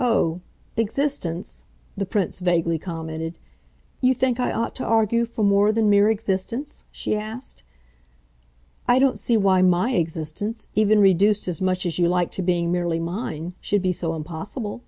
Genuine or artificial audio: genuine